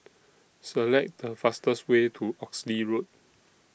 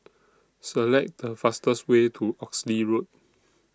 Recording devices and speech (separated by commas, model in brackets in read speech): boundary microphone (BM630), standing microphone (AKG C214), read sentence